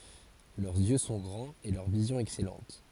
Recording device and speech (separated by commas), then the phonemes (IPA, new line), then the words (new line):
forehead accelerometer, read sentence
lœʁz jø sɔ̃ ɡʁɑ̃z e lœʁ vizjɔ̃ ɛksɛlɑ̃t
Leurs yeux sont grands et leur vision excellente.